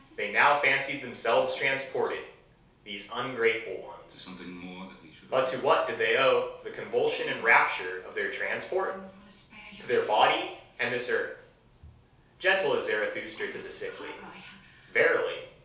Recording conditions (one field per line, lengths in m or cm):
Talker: one person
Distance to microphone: 3.0 m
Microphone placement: far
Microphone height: 1.8 m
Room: small (3.7 m by 2.7 m)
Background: television